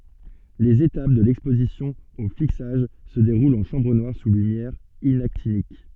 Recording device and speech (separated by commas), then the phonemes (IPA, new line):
soft in-ear microphone, read sentence
lez etap də lɛkspozisjɔ̃ o fiksaʒ sə deʁult ɑ̃ ʃɑ̃bʁ nwaʁ su lymjɛʁ inaktinik